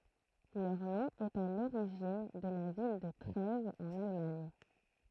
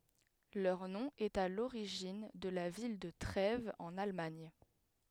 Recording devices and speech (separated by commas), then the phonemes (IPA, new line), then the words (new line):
throat microphone, headset microphone, read sentence
lœʁ nɔ̃ ɛt a loʁiʒin də la vil də tʁɛvz ɑ̃n almaɲ
Leur nom est à l'origine de la ville de Trèves en Allemagne.